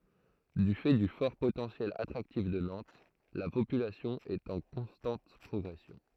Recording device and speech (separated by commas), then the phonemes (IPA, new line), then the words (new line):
throat microphone, read sentence
dy fɛ dy fɔʁ potɑ̃sjɛl atʁaktif də nɑ̃t la popylasjɔ̃ ɛt ɑ̃ kɔ̃stɑ̃t pʁɔɡʁɛsjɔ̃
Du fait du fort potentiel attractif de Nantes, la population est en constante progression.